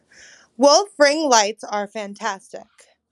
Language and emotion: English, disgusted